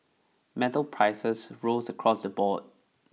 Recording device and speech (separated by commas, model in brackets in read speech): mobile phone (iPhone 6), read sentence